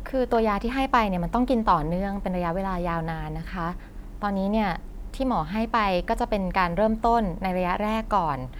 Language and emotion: Thai, neutral